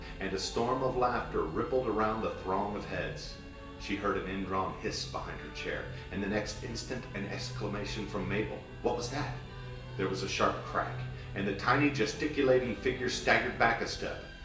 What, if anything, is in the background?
Music.